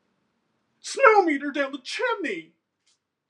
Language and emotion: English, happy